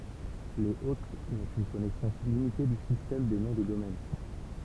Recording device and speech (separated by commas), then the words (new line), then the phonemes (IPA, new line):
temple vibration pickup, read sentence
Les hôtes n'ont qu'une connaissance limitée du système des noms de domaine.
lez ot nɔ̃ kyn kɔnɛsɑ̃s limite dy sistɛm de nɔ̃ də domɛn